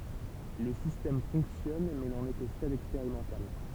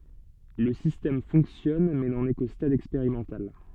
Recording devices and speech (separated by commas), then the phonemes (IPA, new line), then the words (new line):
temple vibration pickup, soft in-ear microphone, read sentence
lə sistɛm fɔ̃ksjɔn mɛ nɑ̃n ɛ ko stad ɛkspeʁimɑ̃tal
Le système fonctionne mais n'en est qu'au stade expérimental.